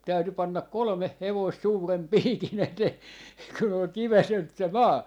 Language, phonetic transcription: Finnish, 'täytyy pannak̆ "kolᵒmeh 'hevoist 'suurem "piiki'n ‿etee , kun ‿ol ('kiväselt) se "maa .
- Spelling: täytyy panna kolme hevosta suuren piikin eteen kun oli - se maa

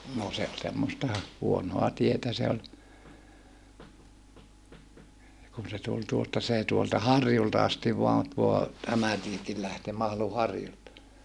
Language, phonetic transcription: Finnish, no se ol semmosta , huonoa tietä se oĺ , kun se tul tuosta see tuolta harjulta astiv voan tuo , tämä tiekil lähtee Mahlu harjulta .
- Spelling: no se oli semmoista huonoa tietä se oli kun se tuli tuosta se tuolta harjulta asti vain tuo tämä tiekin lähtee Mahlun harjulta

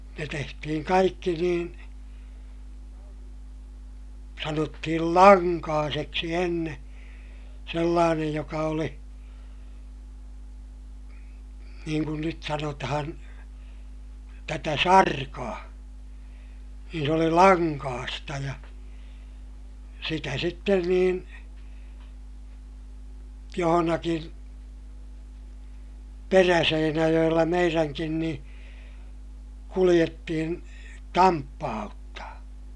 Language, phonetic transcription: Finnish, ne tehtihiŋ kaikki niin , sanottihil laŋkaaseksi enne , sellaanej joka oli , niiŋ kun nyt sanotahan , tätä sarkaa , niin s ‿oli laŋkaasta ja , sitä sitten niin , johonakin , Peräseinäjoʲella meiräŋkin niḭ , kuliʲettihin , tamppaa₍uttaa .
- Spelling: ne tehtiin kaikki niin sanottiin lankaiseksi ennen sellainen joka oli niin kuin nyt sanotaan tätä sarkaa niin se oli lankaista ja sitä sitten niin jossakin Peräseinäjoella meidänkin niin kuljettiin tamppauttaa

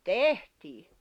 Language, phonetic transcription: Finnish, tehtii .
- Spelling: tehtiin

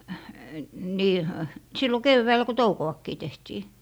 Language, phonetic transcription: Finnish, nii , ö- , 'sillo "kevväɔ̈̀lᵃ̈ ko "touko₍akkii 'tehtii .
- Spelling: niin - silloin keväällä kun toukoakin tehtiin

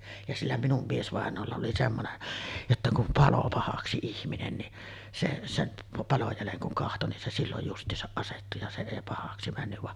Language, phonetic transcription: Finnish, ja 'sillä minum 'miesvàeǹoolla oli 'semmonen , jotta kum "palo 'pahaksi ihminen ni , se 'sem 'paloj 'jäleŋ kuŋ kahto nin se 'silloj just̀iisaˀ 'ˀasettu ja se èi 'pahaksi männyv vaˀ ,.
- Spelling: ja sillä minun miesvainajalla oli semmoinen jotta kun paloi pahaksi ihminen niin se sen palon jäljen kun katsoi niin se silloin justiinsa asettui ja se ei pahaksi mennyt vaan

